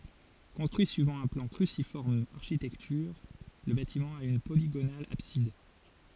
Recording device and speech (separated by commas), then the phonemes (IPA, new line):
forehead accelerometer, read sentence
kɔ̃stʁyi syivɑ̃ œ̃ plɑ̃ kʁysifɔʁm aʁʃitɛktyʁ lə batimɑ̃ a yn poliɡonal absid